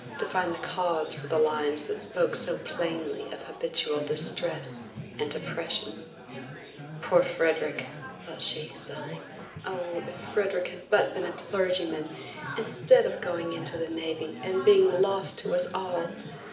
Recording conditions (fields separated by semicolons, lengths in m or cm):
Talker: one person; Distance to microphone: 1.8 m; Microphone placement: close; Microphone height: 1.0 m; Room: large; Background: babble